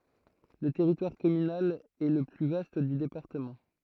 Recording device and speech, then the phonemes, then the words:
throat microphone, read sentence
lə tɛʁitwaʁ kɔmynal ɛ lə ply vast dy depaʁtəmɑ̃
Le territoire communal est le plus vaste du département.

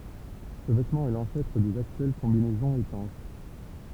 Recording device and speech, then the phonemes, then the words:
temple vibration pickup, read sentence
sə vɛtmɑ̃ ɛ lɑ̃sɛtʁ dez aktyɛl kɔ̃binɛzɔ̃z etɑ̃ʃ
Ce vêtement est l'ancêtre des actuelles combinaisons étanches.

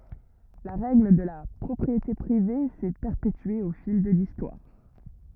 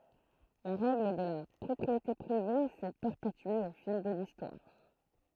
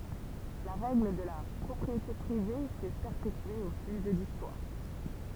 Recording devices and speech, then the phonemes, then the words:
rigid in-ear microphone, throat microphone, temple vibration pickup, read sentence
la ʁɛɡl də la pʁɔpʁiete pʁive sɛ pɛʁpetye o fil də listwaʁ
La règle de la propriété privée s’est perpétuée au fil de l’histoire.

